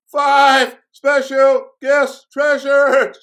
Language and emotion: English, fearful